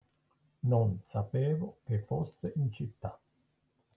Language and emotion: Italian, neutral